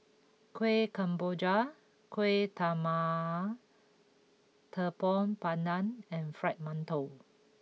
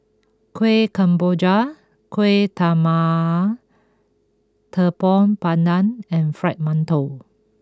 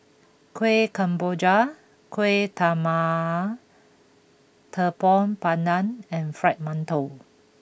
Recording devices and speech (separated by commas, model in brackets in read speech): mobile phone (iPhone 6), close-talking microphone (WH20), boundary microphone (BM630), read sentence